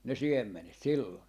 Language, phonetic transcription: Finnish, ne "siemmenet 'sillon .
- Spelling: ne siemenet silloin

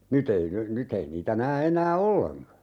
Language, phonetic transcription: Finnish, 'nyt ‿ei ny , 'nyt ‿ei niitä 'nää 'enää "olleŋka .
- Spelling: nyt ei nyt nyt ei niitä näe enää ollenkaan

